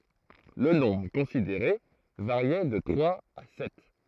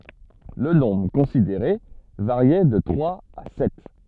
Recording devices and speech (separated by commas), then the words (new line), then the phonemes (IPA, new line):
throat microphone, soft in-ear microphone, read sentence
Le nombre considéré variait de trois à sept.
lə nɔ̃bʁ kɔ̃sideʁe vaʁjɛ də tʁwaz a sɛt